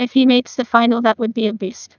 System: TTS, neural waveform model